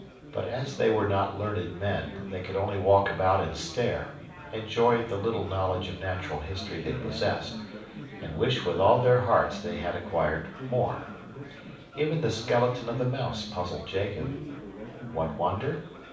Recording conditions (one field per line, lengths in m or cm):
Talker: one person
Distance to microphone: 5.8 m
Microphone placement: far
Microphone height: 1.8 m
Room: medium-sized (5.7 m by 4.0 m)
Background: babble